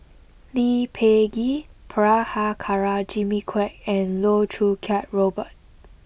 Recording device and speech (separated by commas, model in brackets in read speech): boundary microphone (BM630), read sentence